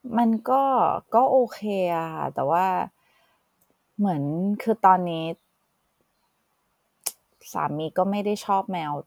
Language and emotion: Thai, frustrated